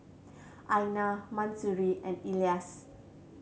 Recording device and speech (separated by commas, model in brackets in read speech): mobile phone (Samsung C7100), read sentence